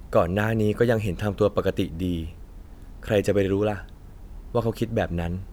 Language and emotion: Thai, neutral